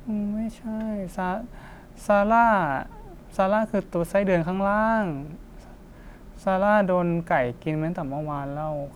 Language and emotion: Thai, frustrated